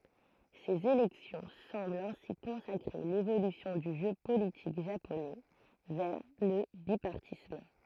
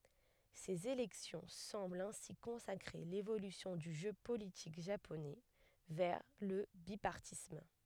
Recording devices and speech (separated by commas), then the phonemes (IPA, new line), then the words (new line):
throat microphone, headset microphone, read sentence
sez elɛksjɔ̃ sɑ̃blt ɛ̃si kɔ̃sakʁe levolysjɔ̃ dy ʒø politik ʒaponɛ vɛʁ lə bipaʁtism
Ces élections semblent ainsi consacrer l'évolution du jeu politique japonais vers le bipartisme.